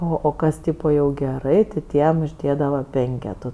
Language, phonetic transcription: Lithuanian, ˈo o ˈkas ˈtypo jau geˈrai ti ˈtiem užˈdėdava ˈpenketų

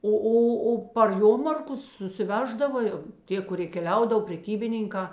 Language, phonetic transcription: Lithuanian, ˈo ˈo o par ˈjomarkus susiˈveždava jau ˈtie kuˈrie keˈliaudav preˈkybininkā

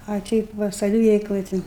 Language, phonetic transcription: Lithuanian, a ˈteip va saˈviveikloj ˈti

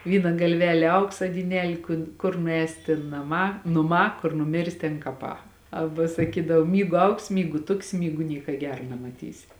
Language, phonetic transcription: Lithuanian, ˈvyna galˈvelė ˈauksa dyˈnelė kun ˈkur nuˈēsi tėn naˈmā nuˈmā kur nuˈmirsi tėn kaˈpā ˈaba saˈkydav ˈmygu ˈaugsi ˈmygu ˈtuksi ˈmygu ˈnieka ˈgera nemaˈtysi

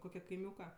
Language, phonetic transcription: Lithuanian, ˈkoke kaiˈmiūka

